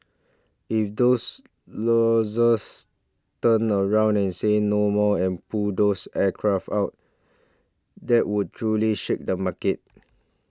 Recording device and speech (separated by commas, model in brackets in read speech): standing microphone (AKG C214), read sentence